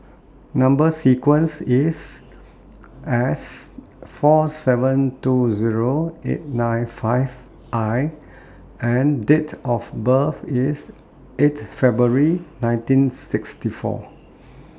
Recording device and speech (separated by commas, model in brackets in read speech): standing microphone (AKG C214), read sentence